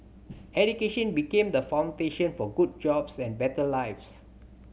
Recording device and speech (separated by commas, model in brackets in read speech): mobile phone (Samsung C7100), read sentence